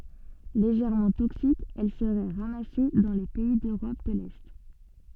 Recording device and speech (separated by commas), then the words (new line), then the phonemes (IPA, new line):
soft in-ear microphone, read sentence
Légèrement toxique, elle serait ramassée dans les pays d'Europe de L'Est.
leʒɛʁmɑ̃ toksik ɛl səʁɛ ʁamase dɑ̃ le pɛi døʁɔp də lɛ